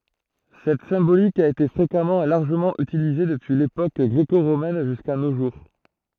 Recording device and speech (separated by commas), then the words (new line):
throat microphone, read sentence
Cette symbolique a été fréquemment et largement utilisée depuis l'époque gréco-romaine jusqu'à nos jours.